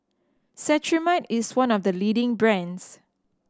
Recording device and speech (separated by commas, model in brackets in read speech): standing microphone (AKG C214), read sentence